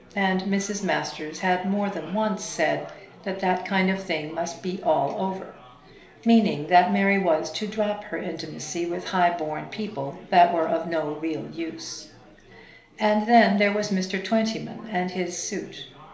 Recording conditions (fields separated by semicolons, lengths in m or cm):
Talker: one person; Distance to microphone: 1.0 m; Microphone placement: close; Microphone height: 1.1 m; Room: small (3.7 m by 2.7 m); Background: babble